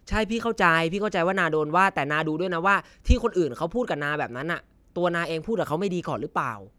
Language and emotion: Thai, frustrated